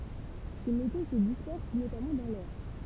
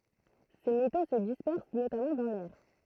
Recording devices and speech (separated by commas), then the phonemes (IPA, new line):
temple vibration pickup, throat microphone, read sentence
se meto sə dispɛʁs notamɑ̃ dɑ̃ lɛʁ